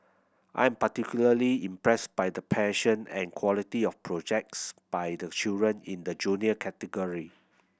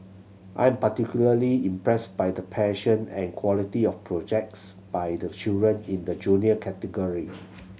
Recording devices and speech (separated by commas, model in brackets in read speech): boundary microphone (BM630), mobile phone (Samsung C7100), read sentence